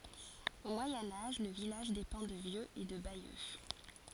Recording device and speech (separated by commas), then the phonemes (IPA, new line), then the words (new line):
forehead accelerometer, read sentence
o mwajɛ̃ aʒ lə vilaʒ depɑ̃ də vjøz e də bajø
Au Moyen Âge, le village dépend de Vieux et de Bayeux.